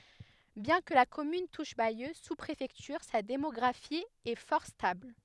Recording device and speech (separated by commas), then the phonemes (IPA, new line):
headset microphone, read sentence
bjɛ̃ kə la kɔmyn tuʃ bajø su pʁefɛktyʁ sa demɔɡʁafi ɛ fɔʁ stabl